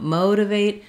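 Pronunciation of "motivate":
In 'motivate', the first t is a flap and sounds like a light d.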